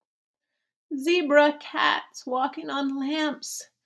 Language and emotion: English, fearful